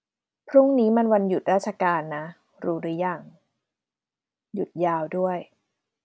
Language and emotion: Thai, neutral